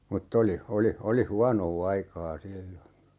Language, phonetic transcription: Finnish, mut't ‿oli , 'oli , 'oli "huanoo 'aikaa 'sillo(n) .
- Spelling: mutta oli oli oli huonoa aikaa silloin

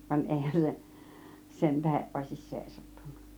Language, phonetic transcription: Finnish, van 'èihän se , 'sentäheˀ ˀòisis 'sèisattUNNA .
- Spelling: vaan eihän se sen tähden olisi seisahtunut

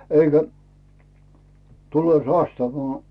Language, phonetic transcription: Finnish, eikä , 'tulè "sastavaa .
- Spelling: eikä tulee sastava

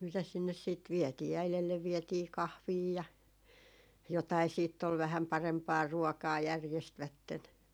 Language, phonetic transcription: Finnish, mitäs sinnes siit 'viɛtii 'äilellev vietii "kahvii ja , jotai siitt ‿ol 'vähäm "parempaa 'ruɔkaa 'järjestvätten .
- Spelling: mitäs sinne sitten vietiin äidille vietiin kahvia ja jotakin sitten oli vähän parempaa ruokaa järjestivät

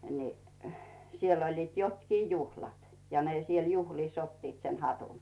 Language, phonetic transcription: Finnish, ni , 'siell ‿oĺliit 'jotkii "juhlat , ja ne siel 'juhlìs 'ottiit se "hatun .
- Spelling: niin siellä olivat jotkin juhlat ja ne siellä juhlissa ottivat se hatun

